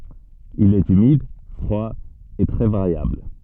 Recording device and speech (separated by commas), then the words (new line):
soft in-ear microphone, read sentence
Il est humide, froid et très variable.